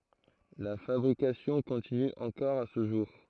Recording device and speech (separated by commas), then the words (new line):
throat microphone, read sentence
La fabrication continue encore à ce jour.